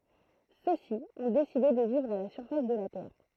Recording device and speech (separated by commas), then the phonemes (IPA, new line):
throat microphone, read sentence
sø si ɔ̃ deside də vivʁ a la syʁfas də la tɛʁ